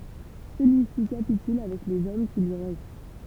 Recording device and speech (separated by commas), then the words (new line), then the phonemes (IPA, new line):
temple vibration pickup, read sentence
Celui-ci capitule avec les hommes qui lui restent.
səlyi si kapityl avɛk lez ɔm ki lyi ʁɛst